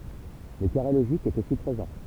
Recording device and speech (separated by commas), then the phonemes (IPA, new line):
temple vibration pickup, read sentence
lə kaʁe loʒik ɛt osi pʁezɑ̃